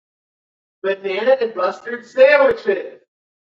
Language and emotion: English, happy